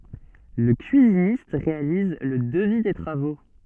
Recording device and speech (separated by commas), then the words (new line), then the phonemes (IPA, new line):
soft in-ear microphone, read sentence
Le cuisiniste réalise le devis des travaux.
lə kyizinist ʁealiz lə dəvi de tʁavo